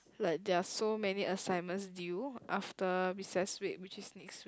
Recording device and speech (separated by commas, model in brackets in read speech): close-talking microphone, conversation in the same room